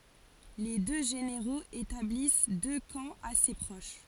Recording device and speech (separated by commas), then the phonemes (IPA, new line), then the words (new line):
forehead accelerometer, read sentence
le dø ʒeneʁoz etablis dø kɑ̃ ase pʁoʃ
Les deux généraux établissent deux camps assez proches.